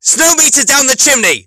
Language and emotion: English, happy